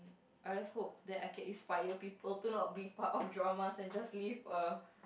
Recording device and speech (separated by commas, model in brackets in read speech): boundary microphone, conversation in the same room